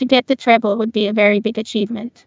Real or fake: fake